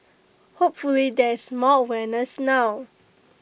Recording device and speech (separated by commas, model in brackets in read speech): boundary microphone (BM630), read sentence